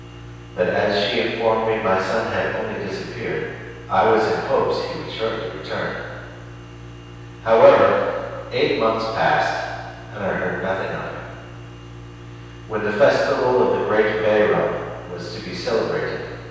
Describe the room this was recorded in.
A very reverberant large room.